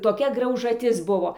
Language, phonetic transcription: Lithuanian, toˈkia graužaˈtis ˈbuvo

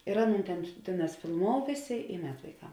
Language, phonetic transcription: Lithuanian, ir ˈaˌnūn ˈten ˈtėˌnās filˈmou ˈvėˌsė i ˈmet vaiˈkam

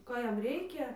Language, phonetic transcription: Lithuanian, ˈko ˈjam ˈreikia

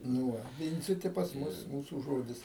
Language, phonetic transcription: Lithuanian, nu ˈva ˈvindziti pas ˈmus ˈmūsų ˈžodis

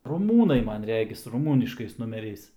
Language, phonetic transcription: Lithuanian, ruˈmūnai ˈman ˈregis ruˈmūniškais numeˈriais

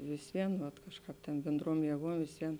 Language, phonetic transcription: Lithuanian, vis ˈvien vat ˈkažˌkāp tėn bėnˈdruom jėˈguom visˈvien

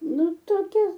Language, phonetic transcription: Lithuanian, ˈnu toˈkia

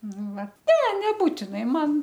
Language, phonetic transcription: Lithuanian, ˈnu ˈva ne neˈbūtinai ˈman

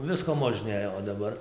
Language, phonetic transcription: Lithuanian, ˈvisko možˈnėjo o daˈbar

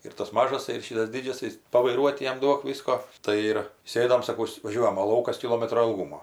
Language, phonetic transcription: Lithuanian, ir tas ˈmažas ir ˈšytas ˈdidžiasais pavaiˈruot ˈjam ˈduok ˈvisko ˈtai ir ˈsėdom saˈkaus vaˈžiuojam o ˈlaukas kiˈlomatro ilˈgūmo

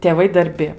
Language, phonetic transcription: Lithuanian, tėˈvai darˈbi

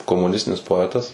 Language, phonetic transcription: Lithuanian, komuˈnistinis poˈetas

